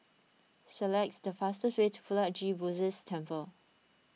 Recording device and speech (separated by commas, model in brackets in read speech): mobile phone (iPhone 6), read sentence